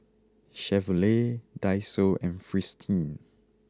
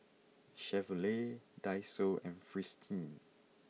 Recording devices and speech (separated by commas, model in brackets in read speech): close-talking microphone (WH20), mobile phone (iPhone 6), read sentence